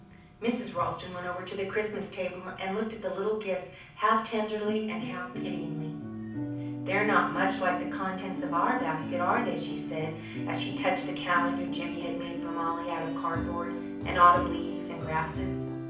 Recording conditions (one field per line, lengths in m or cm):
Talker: one person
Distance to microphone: 5.8 m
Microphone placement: far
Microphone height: 1.8 m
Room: medium-sized (5.7 m by 4.0 m)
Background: music